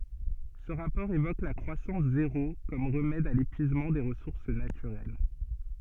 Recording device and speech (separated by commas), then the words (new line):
soft in-ear microphone, read sentence
Ce rapport évoque la croissance zéro comme remède à l'épuisement des ressources naturelles.